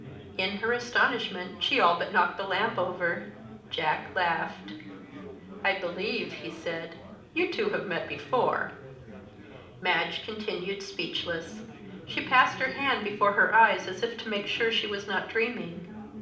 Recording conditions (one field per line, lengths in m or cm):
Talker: one person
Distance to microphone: 2.0 m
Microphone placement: close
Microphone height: 99 cm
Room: medium-sized (5.7 m by 4.0 m)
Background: babble